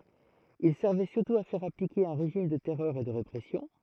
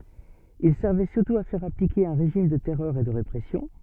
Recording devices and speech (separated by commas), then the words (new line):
throat microphone, soft in-ear microphone, read sentence
Il servait surtout à faire appliquer un régime de terreur et de répression.